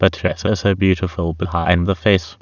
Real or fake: fake